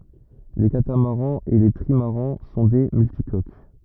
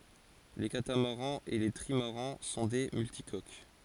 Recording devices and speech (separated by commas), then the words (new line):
rigid in-ear microphone, forehead accelerometer, read sentence
Les catamarans et les trimarans sont des multicoques.